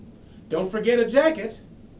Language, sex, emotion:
English, male, neutral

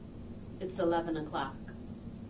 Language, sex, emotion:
English, female, neutral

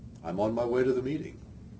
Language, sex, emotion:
English, male, neutral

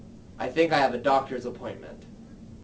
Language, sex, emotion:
English, male, neutral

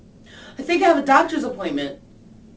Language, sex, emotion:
English, female, fearful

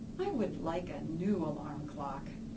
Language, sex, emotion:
English, female, neutral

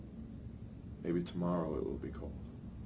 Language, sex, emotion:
English, male, neutral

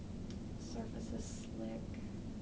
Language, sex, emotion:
English, female, sad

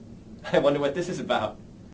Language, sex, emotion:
English, male, happy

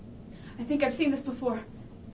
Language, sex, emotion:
English, female, fearful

